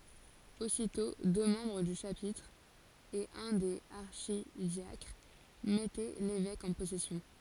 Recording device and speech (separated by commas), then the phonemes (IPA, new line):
forehead accelerometer, read sentence
ositɔ̃ dø mɑ̃bʁ dy ʃapitʁ e œ̃ dez aʁʃidjakʁ mɛtɛ levɛk ɑ̃ pɔsɛsjɔ̃